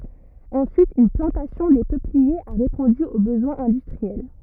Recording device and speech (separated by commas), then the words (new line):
rigid in-ear microphone, read sentence
Ensuite une plantation des peupliers a répondu aux besoins industriels.